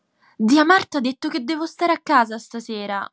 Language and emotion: Italian, sad